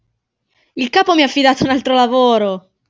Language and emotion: Italian, happy